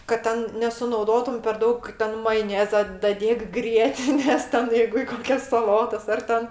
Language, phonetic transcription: Lithuanian, kad ˈten nesunauˈdotum per ˈdaug ˈten majoˈneza daˈdėk ˈgrietinės ˈten ˈjeigu i ˈkokias saˈlotas ˈar ten

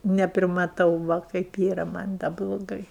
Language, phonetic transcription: Lithuanian, neprimaˈtau ˈva kaip ˈyra ˈman' da bloˈgai

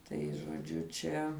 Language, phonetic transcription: Lithuanian, tai žoˈdžiu ˈčia

